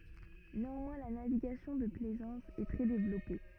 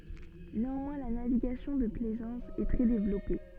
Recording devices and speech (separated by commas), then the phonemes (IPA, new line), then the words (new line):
rigid in-ear microphone, soft in-ear microphone, read sentence
neɑ̃mwɛ̃ la naviɡasjɔ̃ də plɛzɑ̃s ɛ tʁɛ devlɔpe
Néanmoins la navigation de plaisance est très développée.